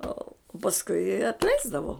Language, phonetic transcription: Lithuanian, ˈo pasˈkui atˈleisdavo

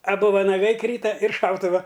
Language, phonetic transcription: Lithuanian, aˈbu vanaˈgai ˈkryta ir ˈšautuva

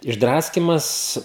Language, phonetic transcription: Lithuanian, išˈdraskimas

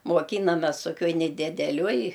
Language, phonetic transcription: Lithuanian, moˈkynames toˈkioj nedideˈlioj

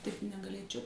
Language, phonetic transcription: Lithuanian, taip negaˈlėčiau

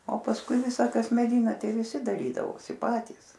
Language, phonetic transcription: Lithuanian, o pasˈkui ˈvisa ˈkas meˈdina ˈtei viˈsi daˈrydavosi ˈpatys

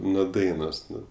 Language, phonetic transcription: Lithuanian, nuo ˈdainos ˈnu

